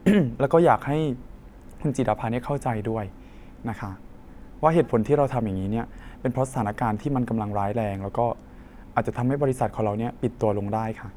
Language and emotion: Thai, sad